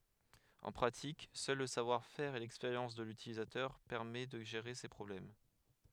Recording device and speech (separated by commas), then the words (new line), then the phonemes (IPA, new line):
headset microphone, read sentence
En pratique, seul le savoir-faire et l’expérience de l’utilisateur permet de gérer ces problèmes.
ɑ̃ pʁatik sœl lə savwaʁfɛʁ e lɛkspeʁjɑ̃s də lytilizatœʁ pɛʁmɛ də ʒeʁe se pʁɔblɛm